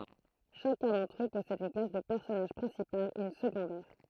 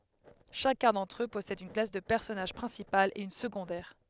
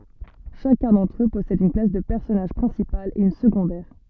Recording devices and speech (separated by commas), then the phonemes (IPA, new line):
throat microphone, headset microphone, soft in-ear microphone, read sentence
ʃakœ̃ dɑ̃tʁ ø pɔsɛd yn klas də pɛʁsɔnaʒ pʁɛ̃sipal e yn səɡɔ̃dɛʁ